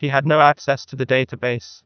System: TTS, neural waveform model